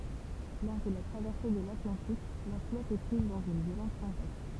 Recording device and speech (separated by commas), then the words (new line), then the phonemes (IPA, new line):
temple vibration pickup, read sentence
Lors de la traversée de l'Atlantique, la flotte est prise dans une violente tempête.
lɔʁ də la tʁavɛʁse də latlɑ̃tik la flɔt ɛ pʁiz dɑ̃z yn vjolɑ̃t tɑ̃pɛt